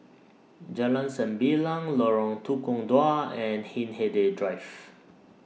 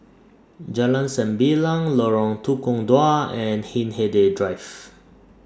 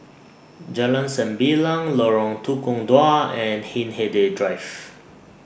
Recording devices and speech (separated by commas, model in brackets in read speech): mobile phone (iPhone 6), standing microphone (AKG C214), boundary microphone (BM630), read sentence